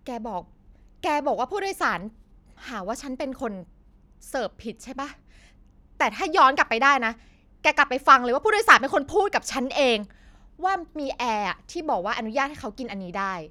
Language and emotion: Thai, angry